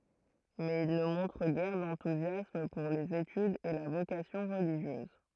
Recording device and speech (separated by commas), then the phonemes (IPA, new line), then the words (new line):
throat microphone, read sentence
mɛz il nə mɔ̃tʁ ɡɛʁ dɑ̃tuzjasm puʁ lez etydz e la vokasjɔ̃ ʁəliʒjøz
Mais il ne montre guère d’enthousiasme pour les études et la vocation religieuse.